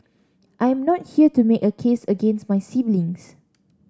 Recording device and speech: standing microphone (AKG C214), read sentence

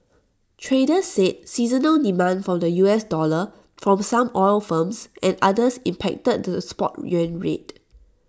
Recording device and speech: standing microphone (AKG C214), read sentence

